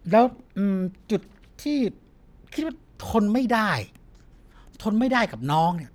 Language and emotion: Thai, frustrated